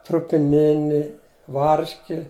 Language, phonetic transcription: Lithuanian, trupiˈnini ˈvarški

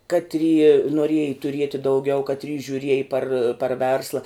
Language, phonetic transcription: Lithuanian, ˈkatry noˈrieji tuˈrieti dauˈgiau ˈkatry žiuˈrieji par par ˈversla

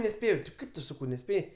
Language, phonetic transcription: Lithuanian, neˈspėjau ti ˈkaip tu ˈsakau neˈspėjai

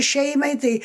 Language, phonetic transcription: Lithuanian, ˈšeimai ˈtai

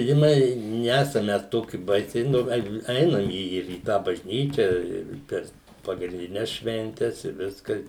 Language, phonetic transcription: Lithuanian, žiˈnai ˈnesam ˈmes ˈtoki ˈbaisiai nu ˈgal' ˈeinam į į ir į ˈtą bažˈnyčia ir ˈper pagrindiˈnes švenˈtes i ˈviska

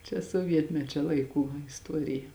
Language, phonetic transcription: Lithuanian, čia suoˈvietmečia ˈlaiˌkų isˈtuorija

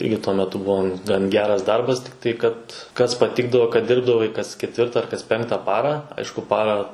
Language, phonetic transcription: Lithuanian, ˈirgi tuo meˈtu ˈbuvo gan ˈgeras ˈdarbas tai ˈkad kas paˈtikdavo kad ˈdirbdavai kas ˈketvirta ar kas ˈpenkta ˈparą ˈaišku ˈparą

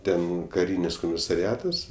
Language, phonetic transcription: Lithuanian, ˈten kaˈrynis komisariˈatas

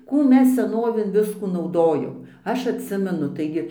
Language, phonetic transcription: Lithuanian, ˈkų ˈmes seˈnovėn ˈviskų nauˈdojom ˈaš atˈsimenu ˈtaigi

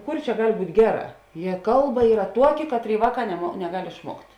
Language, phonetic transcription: Lithuanian, ˈkur čia ˈgal' ˈbūt' ˈgeˌrā jie ˈkalˌba ˈyra ˈtuoki ˈkatˌrėi ˈvāˌkā nemo neˈgal' išˈmuokt'

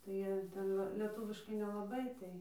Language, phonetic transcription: Lithuanian, tai ˈjie ˈten ˈva leˈtūviškai nelaˈbai ˈtai

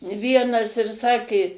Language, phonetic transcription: Lithuanian, ˈvienas ir ˈsakė

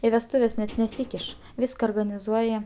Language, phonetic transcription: Lithuanian, i vesˈtūves net neˈsykiš ˈvyska organiˈzuoja

